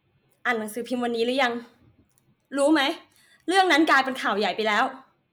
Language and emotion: Thai, angry